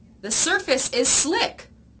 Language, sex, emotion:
English, female, fearful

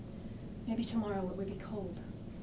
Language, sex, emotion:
English, female, neutral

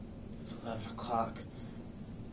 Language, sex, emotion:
English, male, neutral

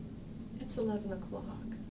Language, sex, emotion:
English, female, sad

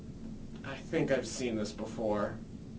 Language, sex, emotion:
English, male, disgusted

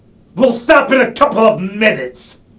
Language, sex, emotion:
English, male, angry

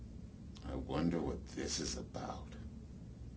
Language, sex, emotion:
English, male, neutral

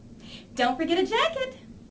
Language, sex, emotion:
English, female, happy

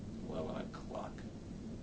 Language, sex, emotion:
English, male, disgusted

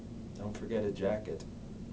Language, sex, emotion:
English, male, neutral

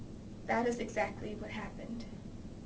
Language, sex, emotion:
English, female, neutral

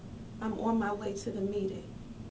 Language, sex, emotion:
English, female, sad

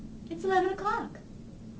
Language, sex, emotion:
English, female, happy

